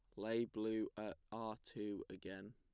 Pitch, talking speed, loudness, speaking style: 110 Hz, 155 wpm, -46 LUFS, plain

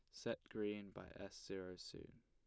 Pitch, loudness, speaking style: 95 Hz, -50 LUFS, plain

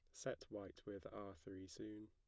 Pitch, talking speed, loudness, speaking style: 95 Hz, 190 wpm, -53 LUFS, plain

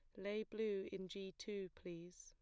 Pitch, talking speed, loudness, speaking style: 195 Hz, 180 wpm, -47 LUFS, plain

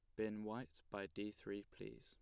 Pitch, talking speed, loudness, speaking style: 105 Hz, 200 wpm, -49 LUFS, plain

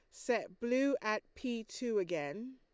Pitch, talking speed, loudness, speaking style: 235 Hz, 155 wpm, -37 LUFS, Lombard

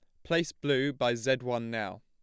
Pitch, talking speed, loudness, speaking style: 125 Hz, 205 wpm, -31 LUFS, plain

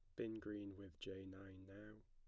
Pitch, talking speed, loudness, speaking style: 100 Hz, 195 wpm, -53 LUFS, plain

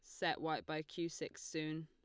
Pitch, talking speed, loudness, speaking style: 155 Hz, 220 wpm, -42 LUFS, Lombard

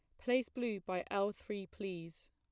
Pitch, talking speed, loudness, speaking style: 200 Hz, 170 wpm, -39 LUFS, plain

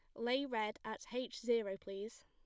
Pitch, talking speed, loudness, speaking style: 225 Hz, 175 wpm, -41 LUFS, plain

